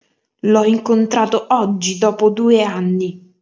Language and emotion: Italian, angry